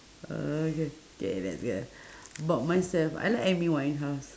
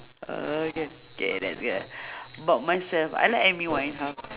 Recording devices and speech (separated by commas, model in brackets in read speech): standing microphone, telephone, conversation in separate rooms